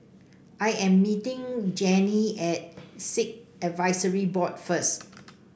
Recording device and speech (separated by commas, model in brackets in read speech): boundary microphone (BM630), read sentence